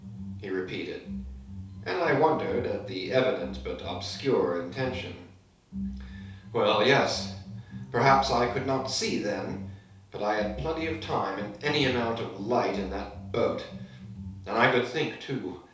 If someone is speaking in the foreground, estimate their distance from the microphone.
3.0 m.